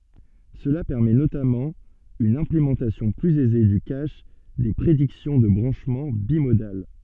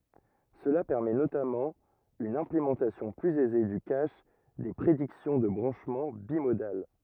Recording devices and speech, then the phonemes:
soft in-ear microphone, rigid in-ear microphone, read sentence
səla pɛʁmɛ notamɑ̃ yn ɛ̃plemɑ̃tasjɔ̃ plyz ɛze dy kaʃ de pʁediksjɔ̃ də bʁɑ̃ʃmɑ̃ bimodal

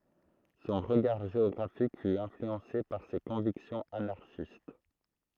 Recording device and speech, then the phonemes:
throat microphone, read sentence
sɔ̃ ʁəɡaʁ ʒeɔɡʁafik fy ɛ̃flyɑ̃se paʁ se kɔ̃viksjɔ̃z anaʁʃist

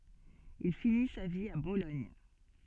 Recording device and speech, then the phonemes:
soft in-ear microphone, read sentence
il fini sa vi a bolɔɲ

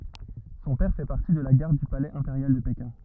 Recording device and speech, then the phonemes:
rigid in-ear microphone, read sentence
sɔ̃ pɛʁ fɛ paʁti də la ɡaʁd dy palɛz ɛ̃peʁjal də pekɛ̃

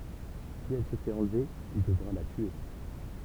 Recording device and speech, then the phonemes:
temple vibration pickup, read sentence
si ɛl sə fɛt ɑ̃lve il dəvʁa la tye

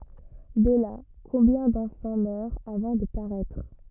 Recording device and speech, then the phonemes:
rigid in-ear microphone, read sentence
də la kɔ̃bjɛ̃ dɑ̃fɑ̃ mœʁt avɑ̃ də paʁɛtʁ

